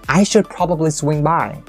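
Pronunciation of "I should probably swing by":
In 'I should probably swing by', the intonation drops gradually; it does not drop completely.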